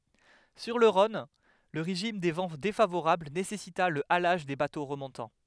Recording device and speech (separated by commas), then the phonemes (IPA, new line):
headset microphone, read sentence
syʁ lə ʁɔ̃n lə ʁeʒim de vɑ̃ defavoʁabl nesɛsita lə alaʒ de bato ʁəmɔ̃tɑ̃